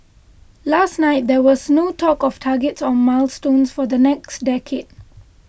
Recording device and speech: boundary microphone (BM630), read sentence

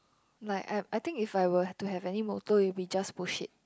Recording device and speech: close-talking microphone, conversation in the same room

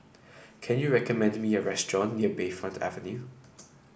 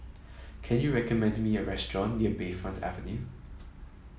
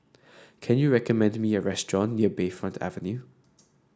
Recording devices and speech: boundary microphone (BM630), mobile phone (iPhone 7), standing microphone (AKG C214), read sentence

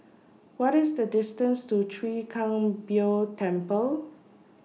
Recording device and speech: mobile phone (iPhone 6), read sentence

